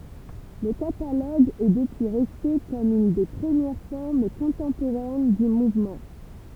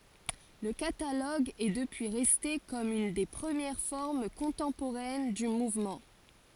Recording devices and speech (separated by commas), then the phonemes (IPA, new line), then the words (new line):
temple vibration pickup, forehead accelerometer, read sentence
lə kataloɡ ɛ dəpyi ʁɛste kɔm yn de pʁəmjɛʁ fɔʁm kɔ̃tɑ̃poʁɛn dy muvmɑ̃
Le catalogue est depuis resté comme une des premières formes contemporaines du mouvement.